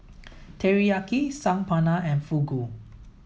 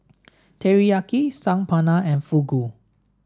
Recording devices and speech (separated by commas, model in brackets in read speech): mobile phone (iPhone 7), standing microphone (AKG C214), read sentence